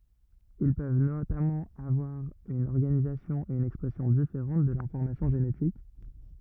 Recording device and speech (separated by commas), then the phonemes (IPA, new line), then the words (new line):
rigid in-ear microphone, read sentence
il pøv notamɑ̃ avwaʁ yn ɔʁɡanizasjɔ̃ e yn ɛkspʁɛsjɔ̃ difeʁɑ̃t də lɛ̃fɔʁmasjɔ̃ ʒenetik
Ils peuvent notamment avoir une organisation et une expression différente de l'information génétique.